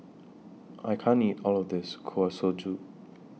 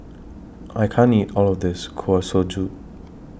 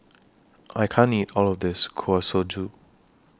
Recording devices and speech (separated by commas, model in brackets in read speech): mobile phone (iPhone 6), boundary microphone (BM630), standing microphone (AKG C214), read sentence